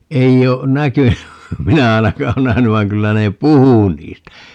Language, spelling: Finnish, ei ole näkynyt minä ainakaan ole nähnyt vaan kyllä ne puhui niistä
- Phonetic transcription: 'ei o , "näkyny , 'minä 'ainakaa o 'nähäny vai̮ŋ 'kyllä ne "puhu 'niistä .

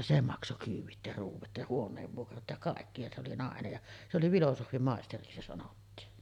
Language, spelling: Finnish, se maksoi kyydit ja ruoat ja huoneenvuokrat ja kaikki ja se oli nainen ja se oli filosofianmaisteriksi se sanottiin
- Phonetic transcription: se 'makso 'kyyv̆vit ja 'ruuv̆vat ja 'huoǹeevvuokrat ja 'kàekki ja se oli 'nàenej ja , se oli "vilosohvi'màesteriksi se sanottiin .

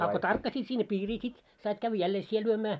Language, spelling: Finnish, a kun tarkkasit sinne piiriin sitten sait käydä jälleen sinä lyömään
- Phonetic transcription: a ko 'tarkkasiit sinne "piirii sit , sait kävᵛᵃ̈ 'jällee "sie lyömää .

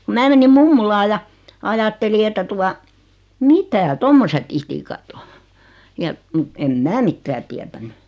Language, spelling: Finnish, kun minä menin mummolaan ja ajattelin että tuota mitä tuommoiset itikat on ja mutta en minä mitään tiennyt
- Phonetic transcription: ku 'mää menim 'mummulaa ja , 'ajatteli että 'tua , "mitä "tommoset 'itikat o , ja , mᵘt 'em "mää 'mittää tiätänny .

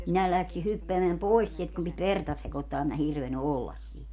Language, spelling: Finnish, minä lähdin hyppäämään pois sieltä kun piti verta sekoittaa en minä hirvennyt olla siinä
- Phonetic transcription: minä 'läksi 'hyppeämeäm "pois sielt kum pit "verta 'sekottaa em mä 'hirveny "ollas 'siin .

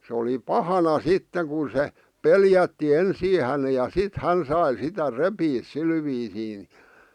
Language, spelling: Finnish, se oli pahana sitten kun se pelätti ensin hänen ja sitten hän sai sitä repiä sillä viisiin niin
- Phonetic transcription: se oli "pahana 'sitteŋ ku se , "peljätti 'ensii häne ja "sit 'hän sai sitä "repiis 'sil viisiin nɪ .

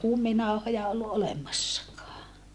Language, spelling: Finnish, kuminauhoja ollut olemassakaan
- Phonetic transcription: kuminauhoja ollu ʼolemassakaa .

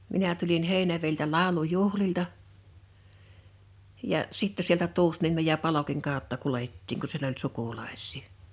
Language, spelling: Finnish, minä tulin Heinävedeltä laulujuhlilta ja sitten sieltä Tuusniemen ja Palokin kautta kuljettiin kun siellä oli sukulaisia
- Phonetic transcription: 'minä tulin 'Hèinäveiltä "làu̬lu'juhlilta , ja , 'sittä sieltä 'Tuusniemej ja 'Palokiŋ 'kào̭tta 'kulettiiŋ ku siel ‿oĺ "sukulaḙs̆sɪɪ .

